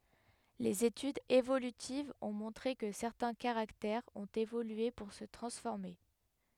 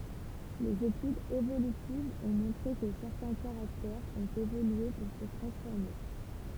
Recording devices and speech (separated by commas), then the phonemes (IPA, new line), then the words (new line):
headset microphone, temple vibration pickup, read sentence
lez etydz evolytivz ɔ̃ mɔ̃tʁe kə sɛʁtɛ̃ kaʁaktɛʁz ɔ̃t evolye puʁ sə tʁɑ̃sfɔʁme
Les études évolutives ont montré que certains caractères ont évolué pour se transformer.